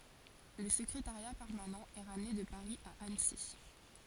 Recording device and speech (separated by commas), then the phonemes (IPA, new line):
forehead accelerometer, read sentence
lə səkʁetaʁja pɛʁmanɑ̃ ɛ ʁamne də paʁi a ansi